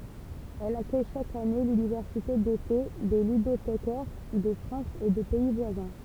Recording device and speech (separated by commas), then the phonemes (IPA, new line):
temple vibration pickup, read sentence
ɛl akœj ʃak ane lynivɛʁsite dete de lydotekɛʁ də fʁɑ̃s e də pɛi vwazɛ̃